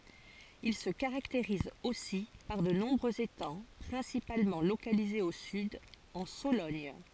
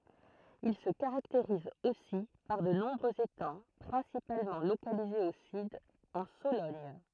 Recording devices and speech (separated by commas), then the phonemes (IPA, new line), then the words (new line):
forehead accelerometer, throat microphone, read sentence
il sə kaʁakteʁiz osi paʁ də nɔ̃bʁøz etɑ̃ pʁɛ̃sipalmɑ̃ lokalizez o syd ɑ̃ solɔɲ
Il se caractérise aussi par de nombreux étangs principalement localisés au sud, en Sologne.